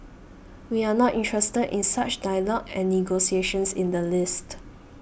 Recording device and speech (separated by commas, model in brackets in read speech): boundary microphone (BM630), read sentence